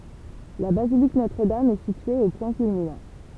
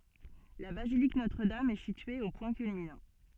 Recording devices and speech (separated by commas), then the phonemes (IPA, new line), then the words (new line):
temple vibration pickup, soft in-ear microphone, read sentence
la bazilik notʁədam ɛ sitye o pwɛ̃ kylminɑ̃
La basilique Notre-Dame est située au point culminant.